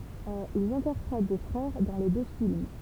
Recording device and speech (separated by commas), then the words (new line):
temple vibration pickup, read sentence
Ils interprètent des frères dans les deux films.